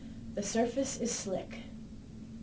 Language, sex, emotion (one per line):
English
female
neutral